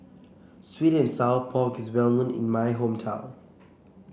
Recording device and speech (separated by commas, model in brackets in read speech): boundary microphone (BM630), read sentence